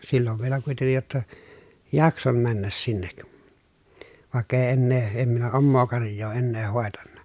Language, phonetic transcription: Finnish, sillov vielä kuitennij jotta , jakson männäs sinnek , vàekk ‿èi ennee , em minä ommoo karj̀oo ennee hòetanna .
- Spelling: silloin vielä kuitenkin jotta jaksoin mennä sinne vaikka ei enää en minä omaa karjaa ennen hoitanut

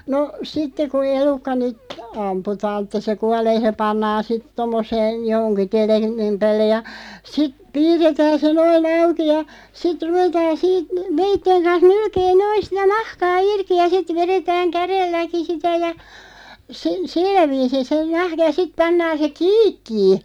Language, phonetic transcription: Finnish, no , 'sitte ku 'elukka nyt , 'amputaan ‿(e)ttᴀ se "kualee se 'pannaan sit 'tommoseen̬ , 'johoŋki "te(l̆linɢim) 'päällej ja , sit , "piirretään se 'noi"n ‿auki ja , 'sit 'ruvetaan siit , 'veitteŋ kans "nylkee "noin̬ sitä "nahkaa 'irki ja 'sit 'veretääŋ "kärelläki sitä ja , (se) , "sillä 'viisin se (nahka) ja siᵖ 'pannaan̬ se "kiikkii .
- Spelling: no sitten kun elukka nyt ammutaan että se kuolee se pannaan sitten tuommoiseen johonkin tellingin päälle ja sitten piirretään se noin auki ja sitten ruvetaan siitä veitsen kanssa nylkemään noin sitä nahkaa irti ja sitten vedetään kädelläkin sitä ja se sillä viisiin se nahka ja sitten pannaan se kiikkiin

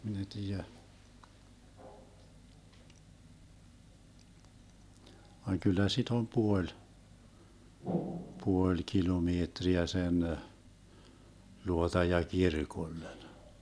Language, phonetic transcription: Finnish, 'min ‿e 'tiijä , vaŋ 'kyllä sit ‿om 'puoĺ , 'puoĺ 'kilomeetriä sen , 'luota ja 'kirkollen .
- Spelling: minä ei tiedä vaan kyllä sitä on puoli puoli kilometriä sen luota ja kirkolle

